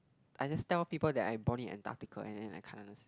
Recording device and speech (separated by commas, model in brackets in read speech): close-talking microphone, conversation in the same room